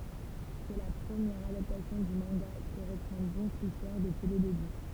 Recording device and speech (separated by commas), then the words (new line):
temple vibration pickup, read sentence
C'est la première adaptation du manga qui reprend donc l'histoire depuis le début.